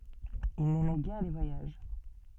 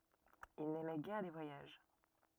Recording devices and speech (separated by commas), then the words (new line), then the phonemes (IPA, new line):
soft in-ear microphone, rigid in-ear microphone, read sentence
Il n'aimait guère les voyages.
il nɛmɛ ɡɛʁ le vwajaʒ